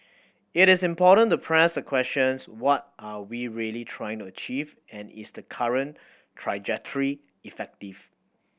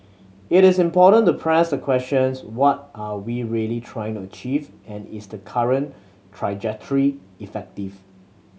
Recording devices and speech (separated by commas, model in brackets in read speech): boundary microphone (BM630), mobile phone (Samsung C7100), read sentence